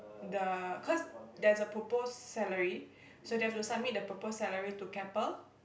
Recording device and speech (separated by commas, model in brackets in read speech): boundary microphone, conversation in the same room